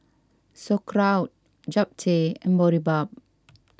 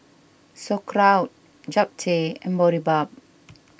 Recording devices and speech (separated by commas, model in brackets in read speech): standing microphone (AKG C214), boundary microphone (BM630), read sentence